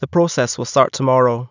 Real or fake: real